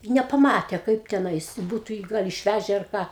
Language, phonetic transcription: Lithuanian, i nepaˈmatė ˈkaip teˈnais ˈbūtu jį ˈgal išˈvæže ar ˈką

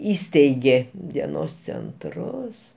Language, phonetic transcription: Lithuanian, ˈįsteigė dieˈnos cenˈtrus

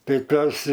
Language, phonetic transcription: Lithuanian, ˈtai ˈtuos

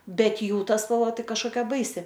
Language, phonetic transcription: Lithuanian, ˈbet ˈjų ˈta spalˈva ˈtai kažkoˈkia ˈbaisi

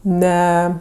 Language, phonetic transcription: Lithuanian, ˈne

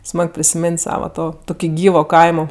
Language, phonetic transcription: Lithuanian, ˈsmag prisimėn't' ˈsava ˈto ˈtoki ˈgyvo ˈkaimo

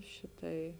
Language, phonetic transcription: Lithuanian, ˈšiˌtai

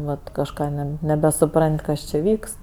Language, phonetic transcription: Lithuanian, ˈvat kažˈką ˈne nebesuˈpran't' ˈkas či ˈvykst

